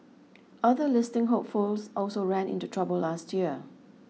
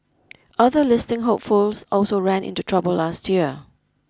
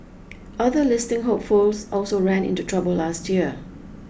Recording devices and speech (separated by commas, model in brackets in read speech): mobile phone (iPhone 6), close-talking microphone (WH20), boundary microphone (BM630), read sentence